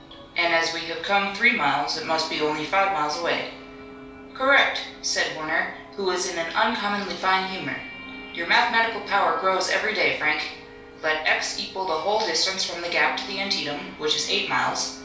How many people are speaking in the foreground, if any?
One person.